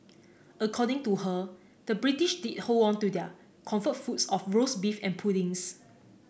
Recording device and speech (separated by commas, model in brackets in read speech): boundary microphone (BM630), read sentence